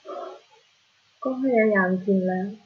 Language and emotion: Thai, frustrated